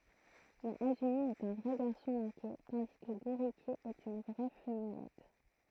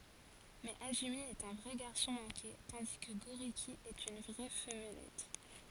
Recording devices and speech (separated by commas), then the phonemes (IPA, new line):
throat microphone, forehead accelerometer, read sentence
mɛz azymi ɛt œ̃ vʁɛ ɡaʁsɔ̃ mɑ̃ke tɑ̃di kə ɡoʁiki ɛt yn vʁɛ famlɛt